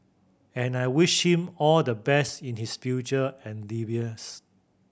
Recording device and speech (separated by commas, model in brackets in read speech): boundary microphone (BM630), read sentence